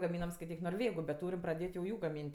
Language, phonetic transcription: Lithuanian, gaˈmynam skaiˈtyk norˈvėgu bet ˈtūrim praˈdėt' jau ˈjų gaˈmynt'

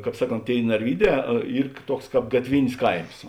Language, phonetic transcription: Lithuanian, ˈkāp ˈsaˌkont ˈtėi narˈvyˌdē ˈyr ˈtuoks ˈkāp gatˈvinis ˈkaims

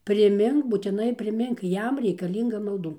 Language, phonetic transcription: Lithuanian, priˈmink būtiˈnai priˈmink ˈjam reikaˈlynga malˈdų

